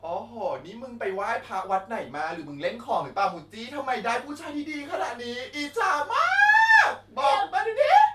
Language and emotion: Thai, happy